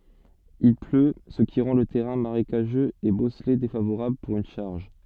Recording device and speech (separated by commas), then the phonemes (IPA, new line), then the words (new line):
soft in-ear microphone, read sentence
il plø sə ki ʁɑ̃ lə tɛʁɛ̃ maʁekaʒøz e bɔsle defavoʁabl puʁ yn ʃaʁʒ
Il pleut, ce qui rend le terrain marécageux et bosselé défavorable pour une charge.